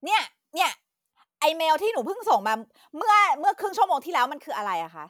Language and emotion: Thai, angry